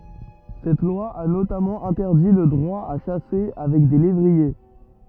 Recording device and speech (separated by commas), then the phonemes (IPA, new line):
rigid in-ear microphone, read sentence
sɛt lwa a notamɑ̃ ɛ̃tɛʁdi lə dʁwa a ʃase avɛk de levʁie